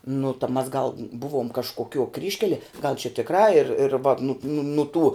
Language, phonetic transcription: Lithuanian, nu ta mas gal ˈbuvom kažkoˈkiuo ˈkryžkelie gal čia tikˈrā ir ir vat nut nu nu tų

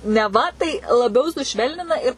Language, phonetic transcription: Lithuanian, neˈva tai laˈbiau suˈšvelnina ir

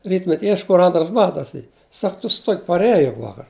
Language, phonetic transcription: Lithuanian, ˈrytmet' ˈiešk kur ˈantras ˈbatas ˈy ˈsak tu su ˈtuok' parˈeje jug ˈvakar

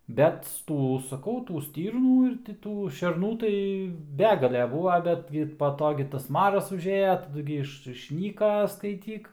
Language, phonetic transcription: Lithuanian, bet ˈtų saˈkau ˈtų ˈstyrnų ir ti ˈtų šerˈnų tai ˈbegale ˈbūva ˈbetgi pa ˈto gi tas ˈmaras užˈėja taˈdu gi ˈiš išˈnyka skaiˈtyk

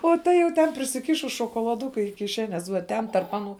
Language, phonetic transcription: Lithuanian, o ˈta jau ˈten prisiˈkišus šokolaˈduku i kiˈšenes vuo ˈten tarp ˈaˌnų

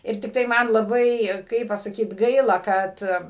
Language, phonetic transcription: Lithuanian, ˈir tikˈtai ˈman laˈbai ˈkaip pasaˈkyt ˈgaila ˈkad

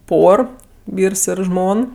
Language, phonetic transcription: Lithuanian, ˈpor ˈvyrs ˈir ˈžmon

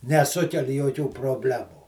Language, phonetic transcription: Lithuanian, neˈsukel' joˈkių proˈblemų

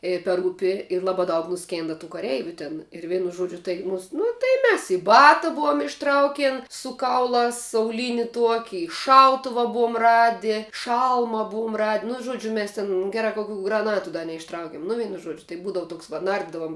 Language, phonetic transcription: Lithuanian, ˈėja per ˈūpi ir ˈlabā daug nuˈskėnda tų kaˈreiviu tin ir ˈveinu ˈžuodžiu tai ˈnus nu tai ˈmes i ˈbata ˈbuom išˈtraukėn su ˈkaulās auˈlyni ˈtuoki i ˈšautuva ˈbuom ˈradi ˈšalma ˈbuum rad' nu ˈžuodžiu ˈmes tin ˈgera ka kuˈkių graˈnatu da neišˈtraukim nu ˈveinu ˈžuodžiu tai ˈbūdavu ˈtoks va ˈnardidavum

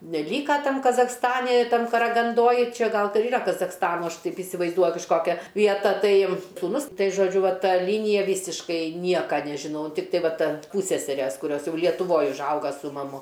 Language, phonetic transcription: Lithuanian, neˈlyka ˈtam kazachsˈtani ˈtam karaganˈdoj ˈčia ˈgal ˈta ˈyra kazachsˈtano ˈaš ˈtaip isivaizˈduoju kažˈkokia vieˈta ˈtai sūˈnus ˈtai žoˈdžiu ˈva ˈta ˈlynija ˈvysiškai ˈnieka nežiˈnau ˈtiktai ˈva ˈten ˈpūsseseres kuˈrios ˈjau lietuˈvoj užˈauga su maˈmu

